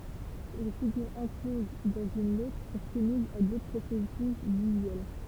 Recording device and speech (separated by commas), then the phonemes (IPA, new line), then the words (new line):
temple vibration pickup, read sentence
le fiɡyʁz ɑ̃kloz dɑ̃z yn otʁ sɔ̃ sumizz a dotʁ pʁosɛsys vizyɛl
Les figures encloses dans une autre sont soumises à d'autres processus visuels.